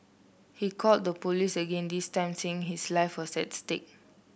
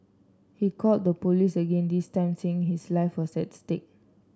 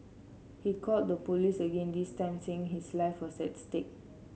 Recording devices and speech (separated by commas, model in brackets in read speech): boundary microphone (BM630), standing microphone (AKG C214), mobile phone (Samsung C7), read sentence